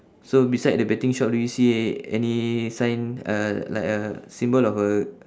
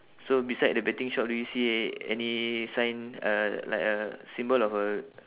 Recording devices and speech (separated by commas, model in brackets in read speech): standing microphone, telephone, conversation in separate rooms